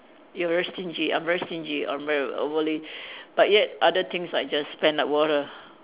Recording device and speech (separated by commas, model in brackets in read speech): telephone, conversation in separate rooms